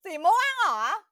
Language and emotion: Thai, happy